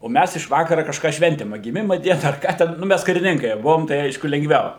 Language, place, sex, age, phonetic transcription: Lithuanian, Suvalkija, male, 60+, o ˈmæs iš ˈvakara kažˈką ˈšventim a giˈmima ˈdiena ar ˈką ten nu ˈmæs kariˈninkai ˈbuvom tai ˈaišku lengˈviau

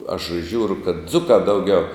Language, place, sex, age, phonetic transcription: Lithuanian, Žemaitija, male, 60+, aš ˈžiūru kad ˈdzukā ˈdauˌgiau

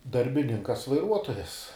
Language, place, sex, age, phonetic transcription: Lithuanian, Žemaitija, male, 18-60, darbiˈninkas vaiˈruotojas

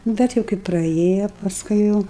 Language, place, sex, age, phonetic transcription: Lithuanian, Aukštaitija, female, 60+, ˈbet jau kai praˈėjo pasˈkui jau

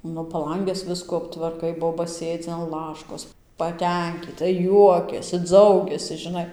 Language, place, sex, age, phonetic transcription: Lithuanian, Dzūkija, female, 18-60, ˈnu paˈlanges ˈviskų aptvarˈkai ˈboba ˈsėdzi an ˈlaškos paˈtenkyta ˈjuokiasi ˈdzaugiasi žiˈnai

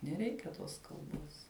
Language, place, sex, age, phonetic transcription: Lithuanian, Žemaitija, female, 18-60, neˈreikia ˈtos kalˈbos

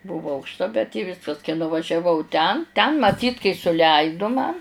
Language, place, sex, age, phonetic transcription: Lithuanian, Žemaitija, female, 60+, ˈbūvo aukšˈta bet i ˈviskas kai nuvažiaˈvau ˈten ten maˈtyt kai suˈleidu man

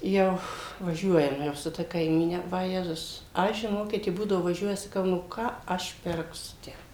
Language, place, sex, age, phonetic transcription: Lithuanian, Suvalkija, female, 60+, ˈjau vaˈžiuojam ˈjau su ˈta kaiˈmyne vaˈjezus ˈaš žiˈnokit ji ˈbūdavo vaˈžiuoja saˈkau nu ˈką ˈaš ˈpirksu ˈtę

